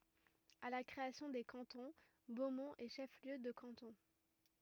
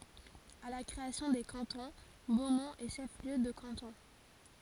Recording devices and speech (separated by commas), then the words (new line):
rigid in-ear microphone, forehead accelerometer, read sentence
À la création des cantons, Beaumont est chef-lieu de canton.